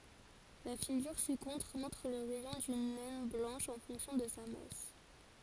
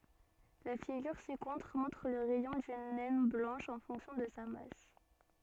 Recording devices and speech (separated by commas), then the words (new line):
forehead accelerometer, soft in-ear microphone, read sentence
La figure ci-contre montre le rayon d'une naine blanche en fonction de sa masse.